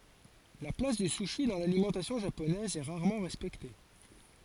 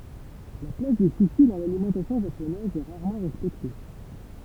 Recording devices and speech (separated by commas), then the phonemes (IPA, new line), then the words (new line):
forehead accelerometer, temple vibration pickup, read sentence
la plas dy suʃi dɑ̃ lalimɑ̃tasjɔ̃ ʒaponɛz ɛ ʁaʁmɑ̃ ʁɛspɛkte
La place du sushi dans l'alimentation japonaise est rarement respectée.